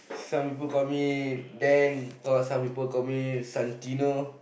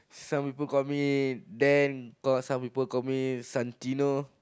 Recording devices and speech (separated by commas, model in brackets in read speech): boundary microphone, close-talking microphone, conversation in the same room